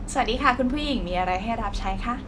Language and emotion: Thai, happy